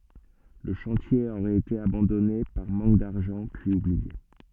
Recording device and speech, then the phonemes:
soft in-ear microphone, read sentence
lə ʃɑ̃tje oʁɛt ete abɑ̃dɔne paʁ mɑ̃k daʁʒɑ̃ pyiz ublie

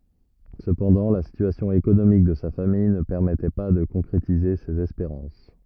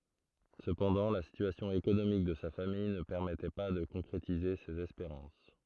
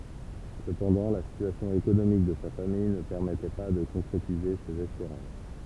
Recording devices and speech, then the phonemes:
rigid in-ear microphone, throat microphone, temple vibration pickup, read sentence
səpɑ̃dɑ̃ la sityasjɔ̃ ekonomik də sa famij nə pɛʁmɛtɛ pa də kɔ̃kʁetize sez ɛspeʁɑ̃s

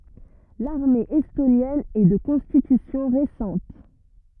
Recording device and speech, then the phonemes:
rigid in-ear microphone, read sentence
laʁme ɛstonjɛn ɛ də kɔ̃stitysjɔ̃ ʁesɑ̃t

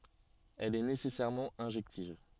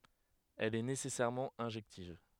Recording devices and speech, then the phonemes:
soft in-ear microphone, headset microphone, read sentence
ɛl ɛ nesɛsɛʁmɑ̃ ɛ̃ʒɛktiv

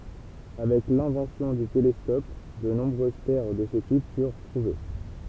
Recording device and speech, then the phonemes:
temple vibration pickup, read sentence
avɛk lɛ̃vɑ̃sjɔ̃ dy telɛskɔp də nɔ̃bʁøz pɛʁ də sə tip fyʁ tʁuve

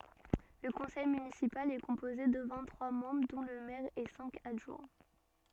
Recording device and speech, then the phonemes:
soft in-ear microphone, read sentence
lə kɔ̃sɛj mynisipal ɛ kɔ̃poze də vɛ̃t tʁwa mɑ̃bʁ dɔ̃ lə mɛʁ e sɛ̃k adʒwɛ̃

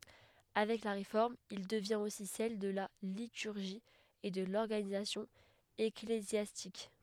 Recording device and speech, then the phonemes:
headset microphone, read sentence
avɛk la ʁefɔʁm il dəvjɛ̃t osi sɛl də la lityʁʒi e də lɔʁɡanizasjɔ̃ eklezjastik

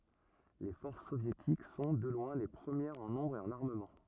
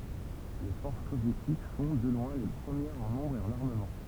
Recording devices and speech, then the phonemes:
rigid in-ear microphone, temple vibration pickup, read sentence
le fɔʁs sovjetik sɔ̃ də lwɛ̃ le pʁəmjɛʁz ɑ̃ nɔ̃bʁ e ɑ̃n aʁməmɑ̃

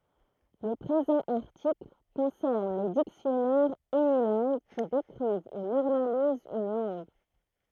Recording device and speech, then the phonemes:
throat microphone, read sentence
lə pʁezɑ̃ aʁtikl kɔ̃sɛʁn le diksjɔnɛʁz ynilɛ̃ɡ ki dekʁiv u nɔʁmalizt yn lɑ̃ɡ

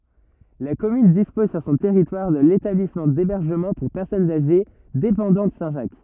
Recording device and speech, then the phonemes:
rigid in-ear microphone, read sentence
la kɔmyn dispɔz syʁ sɔ̃ tɛʁitwaʁ də letablismɑ̃ debɛʁʒəmɑ̃ puʁ pɛʁsɔnz aʒe depɑ̃dɑ̃t sɛ̃tʒak

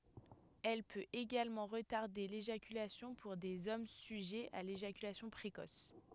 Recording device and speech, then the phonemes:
headset microphone, read sentence
ɛl pøt eɡalmɑ̃ ʁətaʁde leʒakylasjɔ̃ puʁ dez ɔm syʒɛz a leʒakylasjɔ̃ pʁekɔs

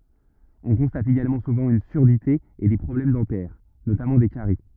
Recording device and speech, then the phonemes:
rigid in-ear microphone, read sentence
ɔ̃ kɔ̃stat eɡalmɑ̃ suvɑ̃ yn syʁdite e de pʁɔblɛm dɑ̃tɛʁ notamɑ̃ de kaʁi

